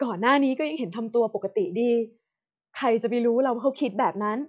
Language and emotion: Thai, frustrated